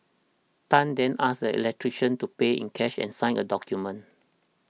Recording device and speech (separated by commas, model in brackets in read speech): mobile phone (iPhone 6), read sentence